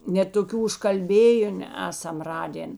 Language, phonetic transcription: Lithuanian, net toˈkių užkalˈbėjun ˈesam ˈradėn

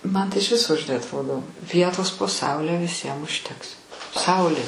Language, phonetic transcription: Lithuanian, ˈman tai iš ˈviso žiˈnai atˈrodo ˈvietos po ˈsaule viˈsiem užˈteks ˈsaulė

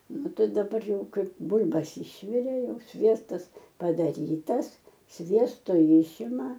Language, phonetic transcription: Lithuanian, ˈnu ˈtai daˈbar ˈjau ˈkaip ˈbul'bas ˈišvirė ˈjau ˈsviestas padaˈrytas ˈsviesto ˈjišima

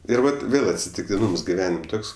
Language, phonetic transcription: Lithuanian, ˈir ˈvat ˈvėl atsitiktiˈnūms giˈvenim' ˈtoks

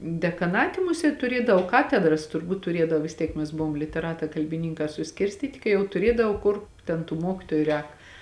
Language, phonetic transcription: Lithuanian, dekaˈnati ˈmusėt tuˈriedav ˈkatedras turˈbūt tuˈriedav vis ˈtiek mes ˈbuvom liteˈratā kalbiˈninkā suˈskirstyti kai ˈjau tuˈriedav ˈkur ˈten tų ˈmuokitoju ˈrēk

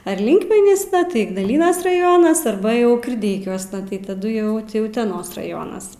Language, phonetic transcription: Lithuanian, ar ˈlinkmenysna ˈtai ignaˈlynas raˈjonas arˈba jau kirˈdeikiuosna tai taˈdu jau ˈti uteˈnos raˈjonas

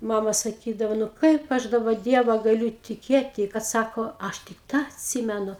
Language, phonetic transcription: Lithuanian, ˈmama saˈkydava nu ˈkaip aš daˈba ˈdieva gaˈliu tiˈkėti kad ˈsako ˈaš tik ˈtą atˈsymenu

